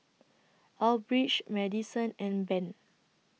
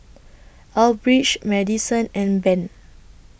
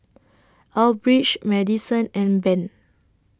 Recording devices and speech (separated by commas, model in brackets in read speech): mobile phone (iPhone 6), boundary microphone (BM630), standing microphone (AKG C214), read sentence